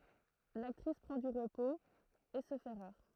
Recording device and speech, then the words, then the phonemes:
throat microphone, read sentence
L'actrice prend du repos, et se fait rare.
laktʁis pʁɑ̃ dy ʁəpoz e sə fɛ ʁaʁ

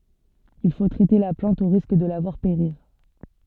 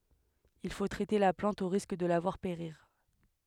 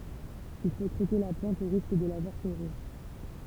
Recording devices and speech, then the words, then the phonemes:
soft in-ear microphone, headset microphone, temple vibration pickup, read sentence
Il faut traiter la plante au risque de la voir périr.
il fo tʁɛte la plɑ̃t o ʁisk də la vwaʁ peʁiʁ

